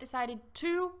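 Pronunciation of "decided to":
'Decided to' is pronounced incorrectly here, without weak forms.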